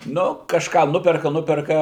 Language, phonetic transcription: Lithuanian, ˈnu kažˈką ˈnuperka ˈnuperka

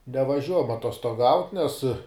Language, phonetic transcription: Lithuanian, nevaˈžiuojam atostoˈgaut' nes

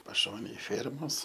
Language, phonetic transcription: Lithuanian, paˈšonėj ˈfėrmos

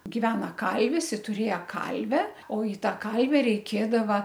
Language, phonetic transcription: Lithuanian, giˈvena ˈkalvis i tuˈrėja ˈkalve o i ˈtą ˈkalve reiˈkėdava

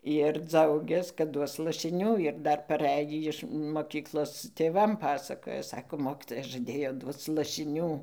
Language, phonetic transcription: Lithuanian, ir ˈdzaugias kad ˈduos lašiˈnių ir ˈdar paˈræjį iš moˈkyklos tėˈvam ˈpasakoja ˈsako ˈmokytoja žaˈdėjo ˈduoc lašiˈnių

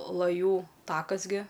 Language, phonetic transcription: Lithuanian, laˈjų ˈtakas gi

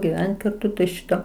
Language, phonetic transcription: Lithuanian, giˈvent karˈtu tai ˈšito

